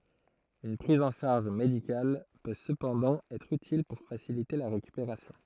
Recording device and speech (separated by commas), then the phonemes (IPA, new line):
throat microphone, read sentence
yn pʁiz ɑ̃ ʃaʁʒ medikal pø səpɑ̃dɑ̃ ɛtʁ ytil puʁ fasilite la ʁekypeʁasjɔ̃